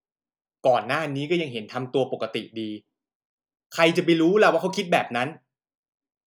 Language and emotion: Thai, angry